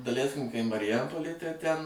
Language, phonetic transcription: Lithuanian, daˈleiskim kai mariˈjampolėj tai ˈten

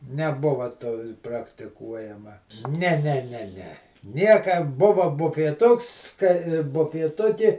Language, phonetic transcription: Lithuanian, neˈbuva to praktiˈkuojama ˈne ˈne ˈne ˈne ˈnieka ˈbuva bufieˈtuks kai bufieˈtuki

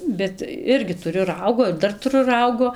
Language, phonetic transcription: Lithuanian, ˈbet ˈirgi tuˈriu ˈraugo ir ˈdar tuˈru ˈraugo

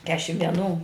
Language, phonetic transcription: Lithuanian, ˈkešim vieˈnų

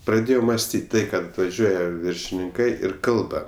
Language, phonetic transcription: Lithuanian, praˈdėjau masˈtyt' ˈtai kad vaˈžiuoja viršininˈkai ir ˈkalba

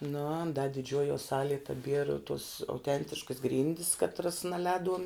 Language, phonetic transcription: Lithuanian, nu an da diˈdžiuojuo ˈsalie taˈbiera tuos auˈtentiškas ˈgryndis katˈras naˈlēduom

